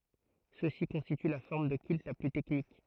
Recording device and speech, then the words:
throat microphone, read sentence
Ceux-ci constituent la forme de culte la plus technique.

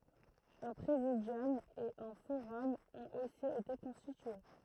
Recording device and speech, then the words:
throat microphone, read sentence
Un Présidium et un forum ont aussi été constitués.

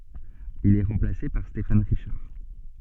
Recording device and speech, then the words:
soft in-ear microphone, read sentence
Il est remplacé par Stéphane Richard.

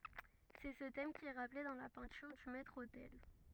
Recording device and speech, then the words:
rigid in-ear microphone, read sentence
C'est ce thème qui est rappelé dans la peinture du maître-autel.

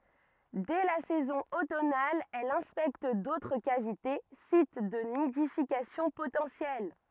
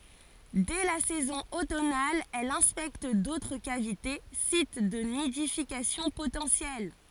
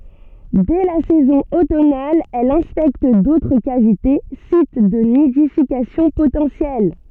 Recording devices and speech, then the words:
rigid in-ear microphone, forehead accelerometer, soft in-ear microphone, read sentence
Dès la saison automnale, elle inspecte d'autres cavités, sites de nidification potentiels.

